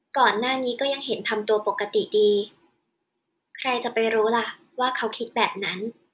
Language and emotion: Thai, neutral